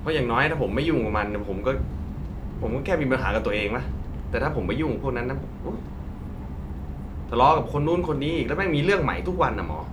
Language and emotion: Thai, frustrated